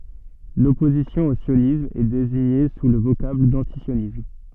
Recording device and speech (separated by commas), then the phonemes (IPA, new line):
soft in-ear microphone, read sentence
lɔpozisjɔ̃ o sjonism ɛ deziɲe su lə vokabl dɑ̃tisjonism